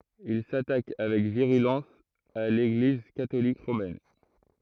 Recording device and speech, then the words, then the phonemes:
throat microphone, read sentence
Il s'attaque avec virulence à l'Église catholique romaine.
il satak avɛk viʁylɑ̃s a leɡliz katolik ʁomɛn

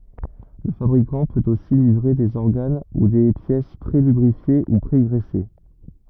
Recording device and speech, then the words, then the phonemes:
rigid in-ear microphone, read sentence
Le fabricant peut aussi livrer des organes ou des pièces pré-lubrifiés ou pré-graissés.
lə fabʁikɑ̃ pøt osi livʁe dez ɔʁɡan u de pjɛs pʁelybʁifje u pʁeɡʁɛse

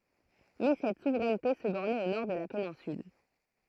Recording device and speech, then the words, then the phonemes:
throat microphone, read sentence
Mais cette souveraineté se bornait au nord de la péninsule.
mɛ sɛt suvʁɛnte sə bɔʁnɛt o nɔʁ də la penɛ̃syl

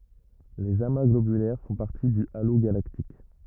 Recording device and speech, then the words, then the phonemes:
rigid in-ear microphone, read sentence
Les amas globulaires font partie du halo galactique.
lez ama ɡlobylɛʁ fɔ̃ paʁti dy alo ɡalaktik

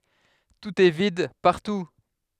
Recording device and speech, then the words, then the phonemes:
headset microphone, read sentence
Tout est vide, partout.
tut ɛ vid paʁtu

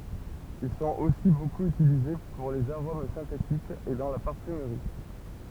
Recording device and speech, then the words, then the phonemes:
temple vibration pickup, read sentence
Ils sont aussi beaucoup utilisés pour les arômes synthétiques et dans la parfumerie.
il sɔ̃t osi bokup ytilize puʁ lez aʁom sɛ̃tetikz e dɑ̃ la paʁfymʁi

